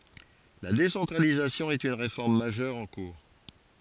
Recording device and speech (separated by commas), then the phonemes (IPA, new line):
forehead accelerometer, read sentence
la desɑ̃tʁalizasjɔ̃ ɛt yn ʁefɔʁm maʒœʁ ɑ̃ kuʁ